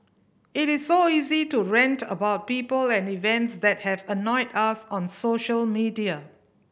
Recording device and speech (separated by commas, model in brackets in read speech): boundary microphone (BM630), read sentence